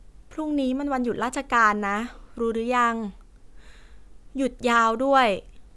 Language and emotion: Thai, neutral